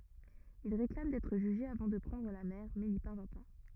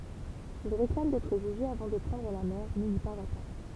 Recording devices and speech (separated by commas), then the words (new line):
rigid in-ear microphone, temple vibration pickup, read sentence
Il réclame d'être jugé avant de prendre la mer mais n'y parvient pas.